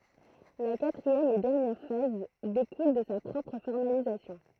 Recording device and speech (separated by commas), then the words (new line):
throat microphone, read sentence
La quatrième et dernière phase découle de sa propre formalisation.